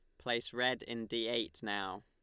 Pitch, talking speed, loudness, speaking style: 120 Hz, 195 wpm, -37 LUFS, Lombard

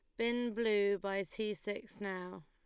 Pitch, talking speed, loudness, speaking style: 205 Hz, 160 wpm, -37 LUFS, Lombard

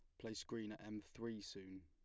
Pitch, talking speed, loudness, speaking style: 105 Hz, 220 wpm, -50 LUFS, plain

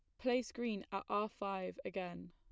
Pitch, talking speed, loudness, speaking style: 195 Hz, 170 wpm, -41 LUFS, plain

